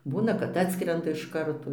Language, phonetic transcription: Lithuanian, ˈbūna kad ˈatskrenda iš ˈkarto

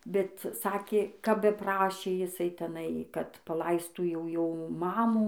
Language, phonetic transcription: Lithuanian, bet ˈsakė kap beˈprašė jiˈsai teˈnai kad paˈlaistų jau ˈjo ˈmamų

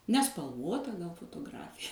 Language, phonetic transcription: Lithuanian, nespalˈvota fotoˈgrafija

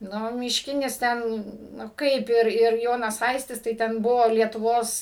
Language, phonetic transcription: Lithuanian, ˈnu mišˈkinis ˈten nu ˈkaip ir ir ˈjonas ˈaistis tai ˈten ˈbuvo lietuˈvos

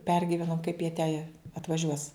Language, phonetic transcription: Lithuanian, ˈpergivenom kaip jie te atvaˈžiuos

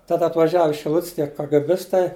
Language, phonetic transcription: Lithuanian, tad atvaˈžiavu iš šiˈlut's' tie kagɘˈbistai

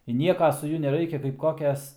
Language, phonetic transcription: Lithuanian, i ˈnieka su ˈjuo neˈraikia kaip ˈkokias

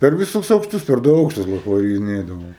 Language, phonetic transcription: Lithuanian, per viˈsus aukˈštus per ˈdu ˈaukštus ˈbuvo pavariˈnėdavom

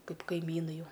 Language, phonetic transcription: Lithuanian, ˈkaip kaiˈmynai ˈjau

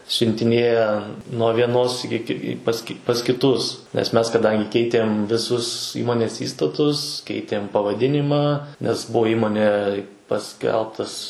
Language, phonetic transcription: Lithuanian, siuntiˈnėja nuo vieˈnos ˈiki i pas ki pas kiˈtus nes ˈmes kaˈdangi ˈkeitėm viˈsus ˈįmonės ˈįstatus ˈkeitėm pavaˈdinimą nes ˈbuo ˈįmonei paˈskelbtas

